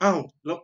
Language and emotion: Thai, neutral